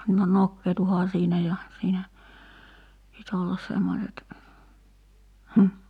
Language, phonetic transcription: Finnish, no "nokkeetuhaa 'siinä ja , siinä , pit ‿ollas 'semmoset , 'hm̥ .
- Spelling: no nokeutuuhan siinä ja siinä piti olla semmoiset mm

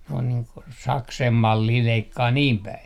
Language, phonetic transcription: Finnish, ne on nii ko "saksem "mallii 'leikkaa 'niim "päi .
- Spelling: ne on niin kuin saksen mallia leikkaa niin päin

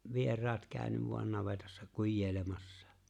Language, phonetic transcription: Finnish, 'vier̀aat 'kä̀y̬̬nyv vo̭an 'navetassa "kujjeeⁱlemassᴀ .
- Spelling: vieraat käynyt vain navetassa kujeilemassa

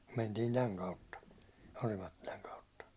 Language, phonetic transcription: Finnish, mentiin 'täŋ kautta , 'Orimattilaŋ kautta .
- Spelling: mentiin tämän kautta Orimattilan kautta

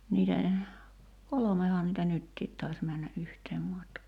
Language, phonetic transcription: Finnish, niitä , 'kolomehaa nitä "nyttiit tais männä '’yhteem 'matkaa .
- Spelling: niitä kolmehan niitä nytkin taisi mennä yhtä matkaa

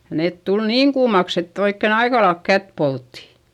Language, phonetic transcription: Finnish, (ja) neet tul niiŋ kuumaks ‿ett ‿oikken ‿aikalaelk kät poltti .
- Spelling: ja ne tuli niin kuumaksi että oikein aika lailla kättä poltti

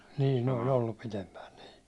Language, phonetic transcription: Finnish, niin ne oĺ 'oillup pitempään nii .
- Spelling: niin ne oli ollut pidempään niin

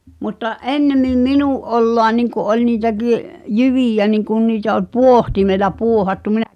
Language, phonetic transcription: Finnish, mutta "’ennemim "minù’ '’olloa niŋku '’oĺ niitäɢi’ , "jyvìjä niŋkun niitä oʿˡʾ "puohtimela 'puohattu min(ä-)
- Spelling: mutta ennemmin minun oloa niin kuin oli niitäkin jyviä niin kuin niitä oli pohtimella pohdattu minä

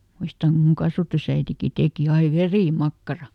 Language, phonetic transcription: Finnish, ˈmuistaŋ kum muŋ ˈkasvatusäitiki ˈtèki ai "verì"makkara .
- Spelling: muistan kun minun kasvatusäitikin teki aina verimakkaraa

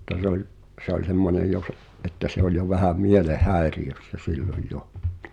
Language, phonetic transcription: Finnish, [mut]t̀a sᵉ ‿ᵒĺ , se ‿oĺ 'semmonej̆ jo s- , ’että se oĺ jo vähä 'mieleh"häeriʲössä "silloj 'jo .
- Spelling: mutta se oli se oli semmoinen jo - että se oli jo vähän mielenhäiriössä silloin jo

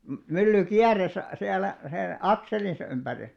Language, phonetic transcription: Finnish, my- 'mylly "kiäres , siälä , sen , "akselinsᵃ 'ympäri .
- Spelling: - mylly kiersi siellä sen akselinsa ympäri

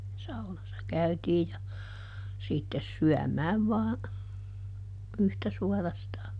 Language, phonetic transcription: Finnish, ˈsaunassa ˈkäytiij ja , sittes ˈsyämääv vaa , ˈyhtä ˈsuarastaa .
- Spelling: saunassa käytiin ja sitten syömään vain yhtä suorastaan

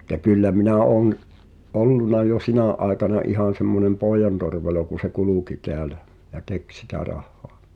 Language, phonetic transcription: Finnish, ᴍᴜtta 'kyllä minä ’òn , '’olluna jo 'sinä̀ ’àekana 'ihàn̬ semmonem "pòijantorvelo kun̬̆ se "kulùki teälä , ja "tek sitä 'rahhᴏᴀ .
- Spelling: mutta kyllä minä olen ollut jo sinä aikana ihan semmoinen pojantorvelo kun se kulki täällä ja teki sitä rahaa

